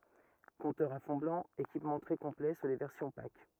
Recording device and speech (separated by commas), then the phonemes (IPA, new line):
rigid in-ear microphone, read sentence
kɔ̃tœʁz a fɔ̃ blɑ̃ ekipmɑ̃ tʁɛ kɔ̃plɛ syʁ le vɛʁsjɔ̃ pak